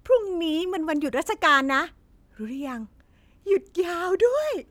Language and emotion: Thai, happy